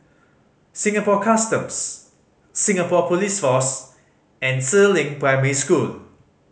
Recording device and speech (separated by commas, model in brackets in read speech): mobile phone (Samsung C5010), read sentence